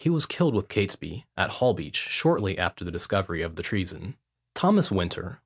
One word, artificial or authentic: authentic